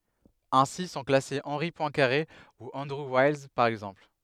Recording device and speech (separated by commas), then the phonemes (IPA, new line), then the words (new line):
headset microphone, read sentence
ɛ̃si sɔ̃ klase ɑ̃ʁi pwɛ̃kaʁe u ɑ̃dʁu wajls paʁ ɛɡzɑ̃pl
Ainsi sont classés Henri Poincaré ou Andrew Wiles, par exemple.